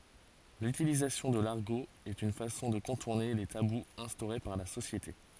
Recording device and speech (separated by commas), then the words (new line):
forehead accelerometer, read sentence
L'utilisation de l'argot est une façon de contourner les tabous instaurés par la société.